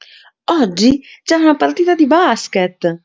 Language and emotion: Italian, happy